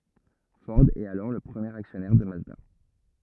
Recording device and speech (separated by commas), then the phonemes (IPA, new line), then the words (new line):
rigid in-ear microphone, read sentence
fɔʁ ɛt alɔʁ lə pʁəmjeʁ aksjɔnɛʁ də mazda
Ford est alors le premier actionnaire de Mazda.